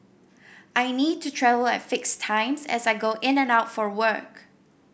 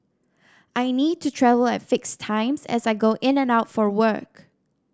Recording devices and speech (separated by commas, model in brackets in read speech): boundary microphone (BM630), standing microphone (AKG C214), read sentence